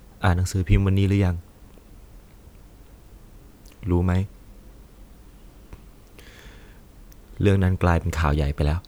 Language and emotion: Thai, sad